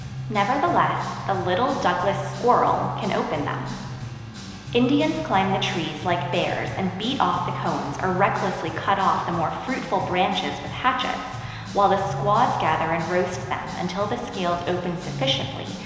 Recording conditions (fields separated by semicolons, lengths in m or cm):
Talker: one person; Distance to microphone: 1.7 m; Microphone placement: close; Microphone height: 1.0 m; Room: very reverberant, large; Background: music